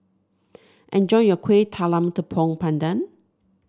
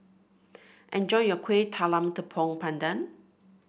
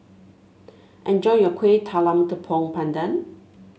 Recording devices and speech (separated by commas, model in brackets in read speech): standing microphone (AKG C214), boundary microphone (BM630), mobile phone (Samsung S8), read sentence